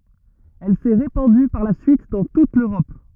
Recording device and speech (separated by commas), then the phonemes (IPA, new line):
rigid in-ear microphone, read sentence
ɛl sɛ ʁepɑ̃dy paʁ la syit dɑ̃ tut løʁɔp